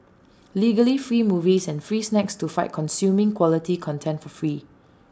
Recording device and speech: standing microphone (AKG C214), read sentence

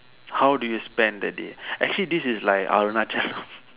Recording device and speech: telephone, conversation in separate rooms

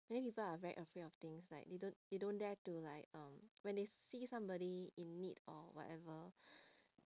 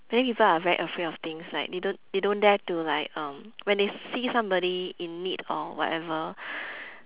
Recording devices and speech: standing microphone, telephone, conversation in separate rooms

